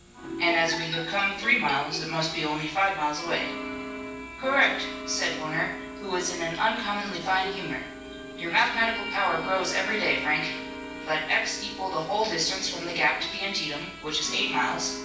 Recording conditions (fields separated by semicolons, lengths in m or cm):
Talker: one person; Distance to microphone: 9.8 m; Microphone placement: far; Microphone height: 1.8 m; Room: large; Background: television